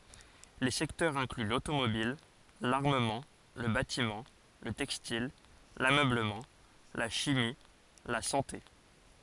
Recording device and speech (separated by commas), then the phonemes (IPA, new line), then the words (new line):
forehead accelerometer, read sentence
le sɛktœʁz ɛ̃kly lotomobil laʁməmɑ̃ lə batimɑ̃ lə tɛkstil lamøbləmɑ̃ la ʃimi la sɑ̃te
Les secteurs incluent l'automobile, l'armement, le bâtiment, le textile, l'ameublement, la chimie, la santé.